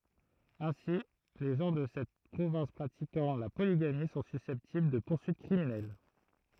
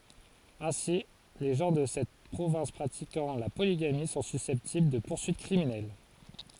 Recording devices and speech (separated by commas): throat microphone, forehead accelerometer, read sentence